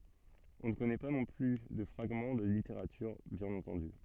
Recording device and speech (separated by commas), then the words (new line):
soft in-ear microphone, read sentence
On ne connaît pas non plus de fragments de littérature, bien entendu.